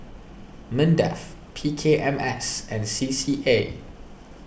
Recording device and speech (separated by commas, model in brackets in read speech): boundary microphone (BM630), read sentence